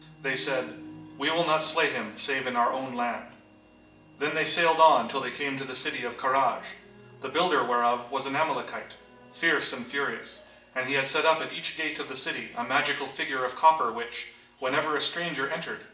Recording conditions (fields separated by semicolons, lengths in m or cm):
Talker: one person; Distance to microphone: 1.8 m; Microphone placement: close; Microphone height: 1.0 m; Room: large; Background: television